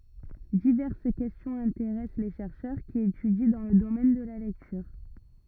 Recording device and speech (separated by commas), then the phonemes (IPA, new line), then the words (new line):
rigid in-ear microphone, read sentence
divɛʁs kɛstjɔ̃z ɛ̃teʁɛs le ʃɛʁʃœʁ ki etydi dɑ̃ lə domɛn də la lɛktyʁ
Diverses questions intéressent les chercheurs qui étudient dans le domaine de la lecture.